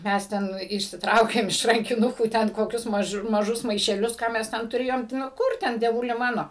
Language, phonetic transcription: Lithuanian, ˈmes ˈten išsiˈtraukėm iš rankiˈnukų ˈten koˈkius maˈžu maˈžus maišeˈlius ˈką mes ˈten tuˈrėjom ti ˈno ˈkur ten dieˈvuli ˈmano

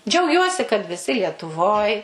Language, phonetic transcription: Lithuanian, džiauˈgiuosi kad viˈsi lietuˈvoj

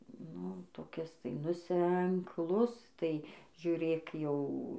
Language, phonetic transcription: Lithuanian, ˈnu toˈkis tai nu senkˈlus tai žiuˈrėk jau

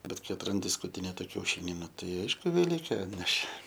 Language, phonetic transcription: Lithuanian, ˈbet ˈkai atranˈdi skutiˈnėta kiauˈšini ˈnu ˈtai ˈaišku veˈlykė ˈatnešė

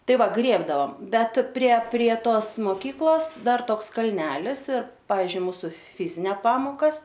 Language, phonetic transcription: Lithuanian, ˈtai ˈva ˈgrėbdavam ˈbet prie prie ˈtos moˈkyklos ˈdar ˈtoks kalˈnelis ir ˈpavizdžiui ˈmūsu ˈfizinia ˈpamokas

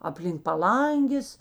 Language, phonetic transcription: Lithuanian, aplink paˈlangės

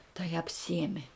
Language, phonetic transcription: Lithuanian, tai apˈsiemi

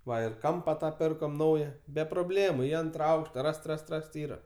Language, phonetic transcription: Lithuanian, ˈva ir ˈkampa ˈtą ˈpirkom ˈnauja be proˈblėmu i ˈantra ˈaukšta ˈrast ˈrast ˈrast ˈyra

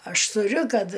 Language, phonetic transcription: Lithuanian, ˈaš tuˈriu ˈkad

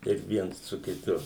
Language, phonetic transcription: Lithuanian, kaip ˈviens su kiˈtu

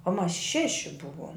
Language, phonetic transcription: Lithuanian, o mas ˈšeši ˈbuvom

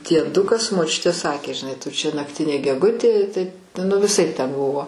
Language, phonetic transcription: Lithuanian, dieˈdukas moˈčiutė ˈsakė žiˈnai tu čia nakˈtinė geˈgutė tai nu viˈsaip ten ˈbuvo

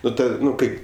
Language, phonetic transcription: Lithuanian, ˈnu ˈnu ˈkaip

